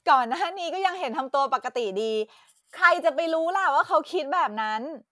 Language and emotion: Thai, happy